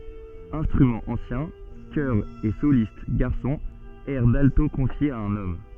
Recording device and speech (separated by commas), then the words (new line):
soft in-ear microphone, read sentence
Instruments anciens, chœurs et solistes garçons, airs d’alto confiés à un homme.